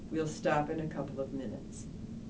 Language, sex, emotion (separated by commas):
English, female, neutral